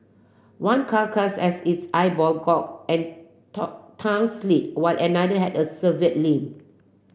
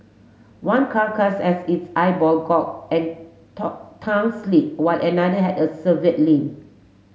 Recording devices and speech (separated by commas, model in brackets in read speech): boundary microphone (BM630), mobile phone (Samsung S8), read sentence